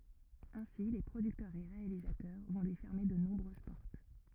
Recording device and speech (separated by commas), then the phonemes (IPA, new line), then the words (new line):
rigid in-ear microphone, read sentence
ɛ̃si le pʁodyktœʁz e ʁealizatœʁ vɔ̃ lyi fɛʁme də nɔ̃bʁøz pɔʁt
Ainsi, les producteurs et réalisateurs vont lui fermer de nombreuses portes.